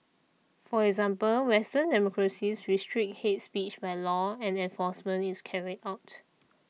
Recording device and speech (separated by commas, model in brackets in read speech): mobile phone (iPhone 6), read sentence